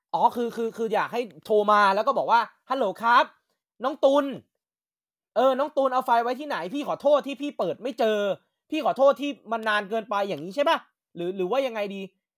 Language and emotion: Thai, angry